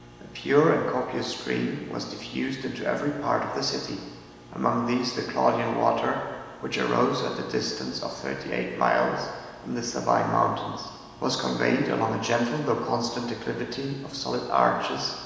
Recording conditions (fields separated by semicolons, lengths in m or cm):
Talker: one person; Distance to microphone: 1.7 m; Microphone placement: close; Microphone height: 1.0 m; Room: very reverberant, large; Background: none